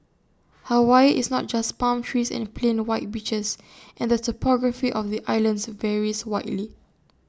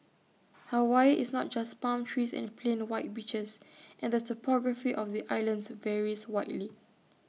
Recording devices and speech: standing microphone (AKG C214), mobile phone (iPhone 6), read sentence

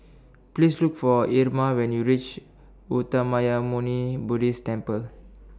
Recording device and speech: standing microphone (AKG C214), read sentence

